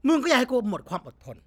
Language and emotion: Thai, angry